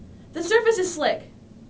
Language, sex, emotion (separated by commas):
English, female, fearful